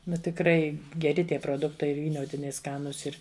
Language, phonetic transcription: Lithuanian, ˈnu tikˈrai geˈri ˈtie proˈduktai vyˈniotiniai ˈskanūs ˈir

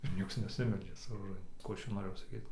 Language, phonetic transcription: Lithuanian, ir ˈnieks neˈsimeldžia su roˈžan ˈkų ˈaš ˈčia noˈrėjau saˈkyt

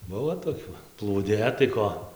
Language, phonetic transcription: Lithuanian, ˈbuvo toˈkiu plūˈdė tai ˈko

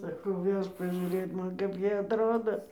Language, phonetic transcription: Lithuanian, saˈkau ˈvežk pažiūˈrėt ˈman kap ˈjie atˈrodo

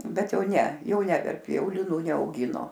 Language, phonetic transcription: Lithuanian, ˈbet ˈjau ˈne ˈjau ˈne ˈneverpi ˈjau liˈnų neauˈgino

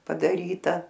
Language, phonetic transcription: Lithuanian, padaˈryta

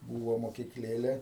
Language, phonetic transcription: Lithuanian, ˈbūvo mokikˈlėle

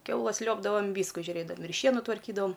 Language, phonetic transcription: Lithuanian, ˈkiaulas ˈliuobdavam ˈvysku žiuˈrėdam ir ˈšienu tvarˈkydavam

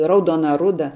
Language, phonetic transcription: Lithuanian, ˈraudona ˈruda

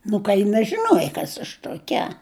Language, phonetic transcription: Lithuanian, ˈnu ka ji nažiˈnuoja ˈkas aš tuoˈkia

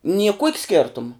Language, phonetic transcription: Lithuanian, nie kuok' ˈskėrtum

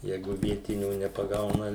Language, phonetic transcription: Lithuanian, ˈjeigu ˈvietinių nepaˈgauna

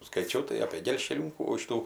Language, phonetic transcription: Lithuanian, skaiˈčiau tai apė gelžkeˈliūkų ˈšitų

